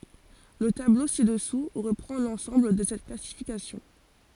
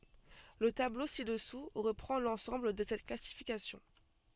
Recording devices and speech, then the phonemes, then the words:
forehead accelerometer, soft in-ear microphone, read sentence
lə tablo si dəsu ʁəpʁɑ̃ lɑ̃sɑ̃bl də sɛt klasifikasjɔ̃
Le tableau ci-dessous reprend l'ensemble de cette classification.

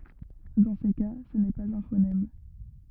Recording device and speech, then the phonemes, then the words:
rigid in-ear microphone, read sentence
dɑ̃ se ka sə nɛ paz œ̃ fonɛm
Dans ces cas, ce n'est pas un phonème.

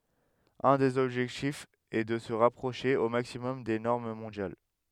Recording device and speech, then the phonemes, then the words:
headset microphone, read sentence
œ̃ dez ɔbʒɛktifz ɛ də sə ʁapʁoʃe o maksimɔm de nɔʁm mɔ̃djal
Un des objectifs est de se rapprocher au maximum des normes mondiales.

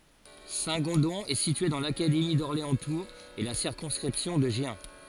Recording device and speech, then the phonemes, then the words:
forehead accelerometer, read sentence
sɛ̃tɡɔ̃dɔ̃ ɛ sitye dɑ̃ lakademi dɔʁleɑ̃stuʁz e la siʁkɔ̃skʁipsjɔ̃ də ʒjɛ̃
Saint-Gondon est situé dans l'académie d'Orléans-Tours et la circonscription de Gien.

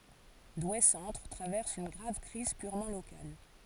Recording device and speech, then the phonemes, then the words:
forehead accelerometer, read sentence
dwe sɑ̃tʁ tʁavɛʁs yn ɡʁav kʁiz pyʁmɑ̃ lokal
Douai-centre traverse une grave crise purement locale.

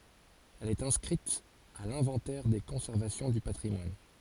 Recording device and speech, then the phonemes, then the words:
forehead accelerometer, read sentence
ɛl ɛt ɛ̃skʁit a lɛ̃vɑ̃tɛʁ de kɔ̃sɛʁvasjɔ̃ dy patʁimwan
Elle est inscrite à l'inventaire des conservations du patrimoine.

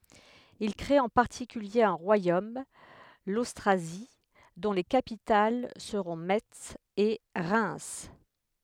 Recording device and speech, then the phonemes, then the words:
headset microphone, read sentence
il kʁet ɑ̃ paʁtikylje œ̃ ʁwajom lostʁazi dɔ̃ le kapital səʁɔ̃ mɛts e ʁɛm
Ils créent en particulier un royaume, l'Austrasie, dont les capitales seront Metz et Reims.

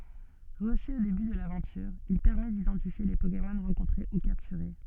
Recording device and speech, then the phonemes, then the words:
soft in-ear microphone, read sentence
ʁəsy o deby də lavɑ̃tyʁ il pɛʁmɛ didɑ̃tifje le pokemɔn ʁɑ̃kɔ̃tʁe u kaptyʁe
Reçu au début de l'aventure, il permet d'identifier les Pokémon rencontrés ou capturés.

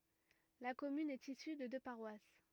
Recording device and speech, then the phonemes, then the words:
rigid in-ear microphone, read sentence
la kɔmyn ɛt isy də dø paʁwas
La commune est issue de deux paroisses.

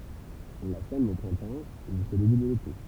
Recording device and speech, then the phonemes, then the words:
temple vibration pickup, read sentence
ɔ̃ la sɛm o pʁɛ̃tɑ̃ e ʒysko deby də lete
On la sème au printemps, et jusqu'au début de l'été.

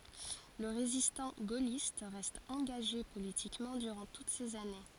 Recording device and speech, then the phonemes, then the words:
forehead accelerometer, read sentence
lə ʁezistɑ̃ ɡolist ʁɛst ɑ̃ɡaʒe politikmɑ̃ dyʁɑ̃ tut sez ane
Le résistant gaulliste reste engagé politiquement durant toutes ces années.

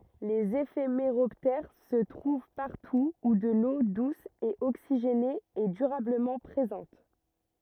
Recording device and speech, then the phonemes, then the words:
rigid in-ear microphone, read sentence
lez efemeʁɔptɛʁ sə tʁuv paʁtu u də lo dus e oksiʒene ɛ dyʁabləmɑ̃ pʁezɑ̃t
Les éphéméroptères se trouvent partout où de l'eau douce et oxygénée est durablement présente.

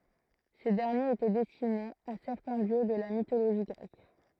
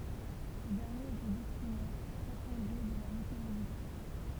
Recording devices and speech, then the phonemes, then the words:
throat microphone, temple vibration pickup, read sentence
se dɛʁnjez etɛ dɛstinez a sɛʁtɛ̃ djø də la mitoloʒi ɡʁɛk
Ces derniers étaient destinés à certains dieux de la mythologie grecque.

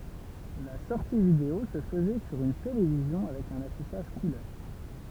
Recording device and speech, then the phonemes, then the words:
temple vibration pickup, read sentence
la sɔʁti video sə fəzɛ syʁ yn televizjɔ̃ avɛk œ̃n afiʃaʒ kulœʁ
La sortie vidéo se faisait sur une télévision avec un affichage couleur.

